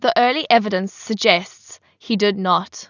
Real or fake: real